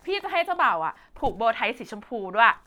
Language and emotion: Thai, happy